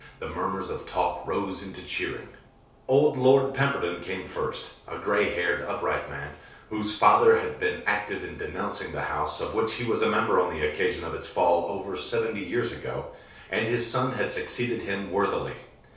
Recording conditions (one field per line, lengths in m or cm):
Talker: one person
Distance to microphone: 3.0 m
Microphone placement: far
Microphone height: 1.8 m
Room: small (3.7 m by 2.7 m)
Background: none